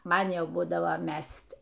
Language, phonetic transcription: Lithuanian, ˈman ˈjau ˈbūdavo ˈmest'

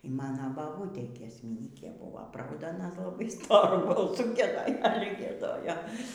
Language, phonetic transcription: Lithuanian, y ˈmana baˈbūtė giesmiˈnykė ˈbūvo ˈprauda aˈna laˈbai ˈstoru balˈsu gieˈdoj ˈale gieˈdojo

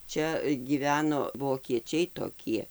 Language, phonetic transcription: Lithuanian, ˈčia gyˈveno vokieˈčiai toˈkie

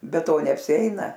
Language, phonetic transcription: Lithuanian, be ˈto neapsiˈeina

